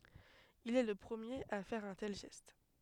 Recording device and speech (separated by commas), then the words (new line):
headset microphone, read sentence
Il est le premier à faire un tel geste.